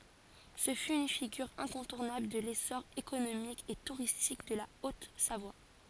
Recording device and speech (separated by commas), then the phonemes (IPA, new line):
forehead accelerometer, read sentence
sə fy yn fiɡyʁ ɛ̃kɔ̃tuʁnabl də lesɔʁ ekonomik e tuʁistik də la ot savwa